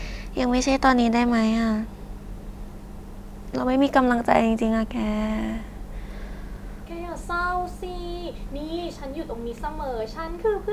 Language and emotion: Thai, frustrated